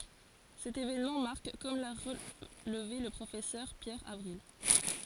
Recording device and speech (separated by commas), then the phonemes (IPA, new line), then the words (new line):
forehead accelerometer, read sentence
sɛt evenmɑ̃ maʁk kɔm la ʁəlve lə pʁofɛsœʁ pjɛʁ avʁil
Cet événement marque comme l'a relevé le Professeur Pierre Avril.